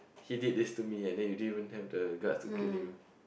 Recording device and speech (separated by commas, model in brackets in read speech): boundary microphone, conversation in the same room